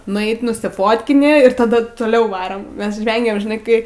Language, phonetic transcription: Lithuanian, nuˈeit nusiˈfotkini ir taˈdu toˈliau ˈvaram ˈmes ˈžvengėm žiˈnai ˈkai

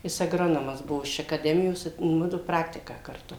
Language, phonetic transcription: Lithuanian, ˈjis agˈronomas ˈbuo iš akaˈdemijos i ˈmudu ˈpraktiką karˈtu

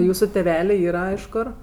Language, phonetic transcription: Lithuanian, ˈjūsu teˈvelė ˈyra iš ˈkor

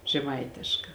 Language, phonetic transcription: Lithuanian, žeˈmaitėška

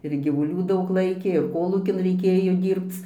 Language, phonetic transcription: Lithuanian, ir gyvuˈlių ˈdaug ˈlaikė ir ˈkolūkin reiˈkėjo ˈdyrbc

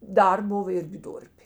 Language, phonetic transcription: Lithuanian, ˈdar ˈbuva ˈirgi ˈdurpė

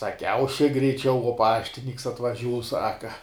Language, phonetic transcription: Lithuanian, saˈkiau šik greiˈčiau uo ˈpaštinyks atvaˈžiūs ˈsaka

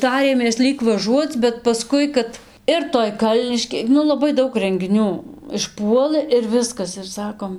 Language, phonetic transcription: Lithuanian, ˈtarėmės ˈlyg vaˈžuoc bet paˈskui kad ir ˈtoj ˈkalniškė ˈnu laˈbai ˈdaug rengiˈnių išˈpuolɘ ir ˈviskas ir ˈsakom

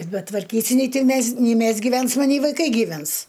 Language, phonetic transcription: Lithuanian, betvarˈkysi nei ˈtį ˈmes nei ˈmes giˈvensma nei vaiˈkai giˈvens

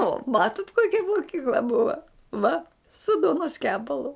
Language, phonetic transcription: Lithuanian, o ˈmatut ˈkokia moˈkykla bua ˈva su ˈduonos ˈkepalu

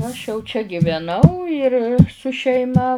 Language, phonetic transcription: Lithuanian, aš jau čia giveˈnau ir su šeiˈma

